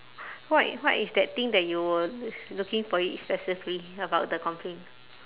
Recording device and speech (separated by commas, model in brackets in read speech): telephone, conversation in separate rooms